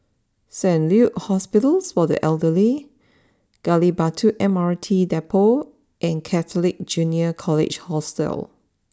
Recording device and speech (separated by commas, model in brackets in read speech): standing microphone (AKG C214), read sentence